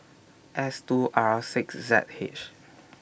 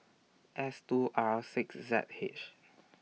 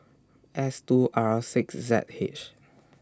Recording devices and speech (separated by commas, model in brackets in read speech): boundary microphone (BM630), mobile phone (iPhone 6), standing microphone (AKG C214), read sentence